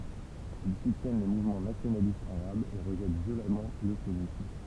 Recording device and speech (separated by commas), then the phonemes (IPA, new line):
temple vibration pickup, read sentence
il sutjɛn le muvmɑ̃ nasjonalistz aʁabz e ʁəʒɛt vjolamɑ̃ lə sjonism